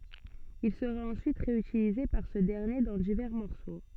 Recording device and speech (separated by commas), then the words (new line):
soft in-ear microphone, read sentence
Il sera ensuite réutilisé par ce dernier dans divers morceaux.